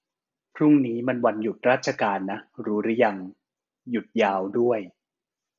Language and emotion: Thai, neutral